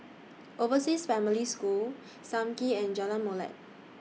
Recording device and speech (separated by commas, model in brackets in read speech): mobile phone (iPhone 6), read sentence